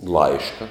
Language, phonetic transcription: Lithuanian, ˈlaiška

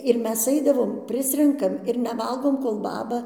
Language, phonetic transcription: Lithuanian, ir ˈmes ˈaidavome ˈprisrenkam ir neˈvalgom kol ˈbaba

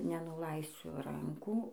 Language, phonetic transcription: Lithuanian, nenuˈlaisiu ˈrankų

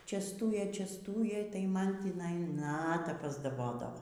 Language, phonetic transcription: Lithuanian, čiasˈtūjė čiasˈtūjė tai ˈman tįˈnai ˈnata pasdaˈbodavo

